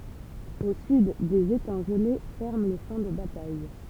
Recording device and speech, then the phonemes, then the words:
temple vibration pickup, read sentence
o syd dez etɑ̃ ʒəle fɛʁmɑ̃ lə ʃɑ̃ də bataj
Au sud, des étangs gelés ferment le champ de bataille.

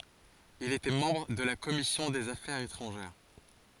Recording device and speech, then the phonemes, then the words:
forehead accelerometer, read sentence
il etɛ mɑ̃bʁ də la kɔmisjɔ̃ dez afɛʁz etʁɑ̃ʒɛʁ
Il était membre de la commission des affaires étrangères.

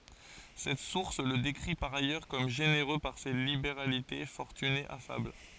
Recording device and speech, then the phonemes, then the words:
forehead accelerometer, read sentence
sɛt suʁs lə dekʁi paʁ ajœʁ kɔm ʒeneʁø paʁ se libeʁalite fɔʁtyne afabl
Cette source le décrit par ailleurs comme généreux par ses libéralités, fortuné, affable.

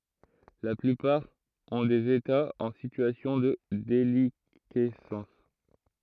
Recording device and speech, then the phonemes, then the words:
throat microphone, read sentence
la plypaʁ ɔ̃ dez etaz ɑ̃ sityasjɔ̃ də delikɛsɑ̃s
La plupart ont des États en situation de déliquescence.

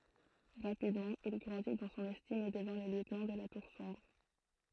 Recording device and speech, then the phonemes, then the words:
throat microphone, read sentence
ʁapidmɑ̃ il ɡʁɑ̃di dɑ̃ sɔ̃n ɛstim e dəvɛ̃ lə ljøtnɑ̃ də la tuʁ sɔ̃bʁ
Rapidement, il grandit dans son estime et devint le lieutenant de la Tour Sombre.

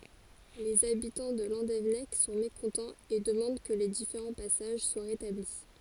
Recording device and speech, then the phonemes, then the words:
forehead accelerometer, read sentence
lez abitɑ̃ də lɑ̃devɛnɛk sɔ̃ mekɔ̃tɑ̃z e dəmɑ̃d kə le difeʁɑ̃ pasaʒ swa ʁetabli
Les habitants de Landévennec sont mécontents et demandent que les différents passages soient rétablis.

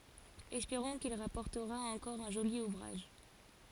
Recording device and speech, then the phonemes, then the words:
forehead accelerometer, read sentence
ɛspeʁɔ̃ kil ʁapɔʁtəʁa ɑ̃kɔʁ œ̃ ʒoli uvʁaʒ
Espérons qu'il rapportera encore un joli ouvrage.

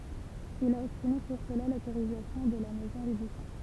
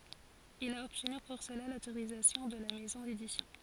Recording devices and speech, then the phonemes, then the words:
temple vibration pickup, forehead accelerometer, read sentence
il a ɔbtny puʁ səla lotoʁizatjɔ̃ də la mɛzɔ̃ dedisjɔ̃
Il a obtenu pour cela l'autorisation de la maison d'édition.

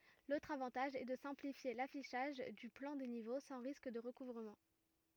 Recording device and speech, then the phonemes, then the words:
rigid in-ear microphone, read sentence
lotʁ avɑ̃taʒ ɛ də sɛ̃plifje lafiʃaʒ dy plɑ̃ de nivo sɑ̃ ʁisk də ʁəkuvʁəmɑ̃
L’autre avantage est de simplifier l’affichage du plan des niveaux sans risque de recouvrement.

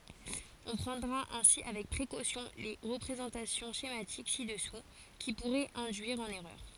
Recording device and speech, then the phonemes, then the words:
forehead accelerometer, read sentence
ɔ̃ pʁɑ̃dʁa ɛ̃si avɛk pʁekosjɔ̃ le ʁəpʁezɑ̃tasjɔ̃ ʃematik si dəsu ki puʁɛt ɛ̃dyiʁ ɑ̃n ɛʁœʁ
On prendra ainsi avec précaution les représentations schématiques ci-dessous, qui pourraient induire en erreur.

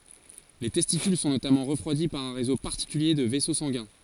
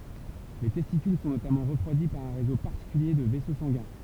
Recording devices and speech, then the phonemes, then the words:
forehead accelerometer, temple vibration pickup, read sentence
le tɛstikyl sɔ̃ notamɑ̃ ʁəfʁwadi paʁ œ̃ ʁezo paʁtikylje də vɛso sɑ̃ɡɛ̃
Les testicules sont notamment refroidis par un réseau particulier de vaisseaux sanguins.

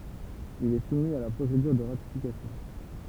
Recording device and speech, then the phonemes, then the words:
temple vibration pickup, read sentence
il ɛ sumi a la pʁosedyʁ də ʁatifikasjɔ̃
Il est soumis à la procédure de ratification.

